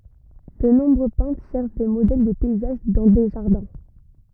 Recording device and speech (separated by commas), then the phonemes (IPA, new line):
rigid in-ear microphone, read sentence
də nɔ̃bʁø pɛ̃tʁ ʃɛʁʃ de modɛl də pɛizaʒ dɑ̃ de ʒaʁdɛ̃